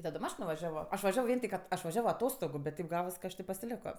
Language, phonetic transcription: Lithuanian, taˈdom ˈaš nuvaˈžiavo ˈaš vaˈžiavo ˈvien tik at ˈaš vaˈžiavo aˈtostogu bet ˈteip ˈgavas ka ˈaš tė pasiˈleko

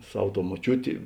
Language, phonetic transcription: Lithuanian, ˈsav ˈtou moˈčiūti

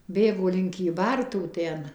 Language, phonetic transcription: Lithuanian, ˈbėgo link kyˈbartų ˈten

